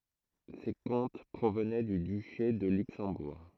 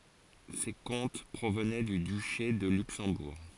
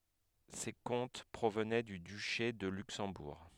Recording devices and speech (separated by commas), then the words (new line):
throat microphone, forehead accelerometer, headset microphone, read sentence
Ces comtes provenaient du duché de Luxembourg.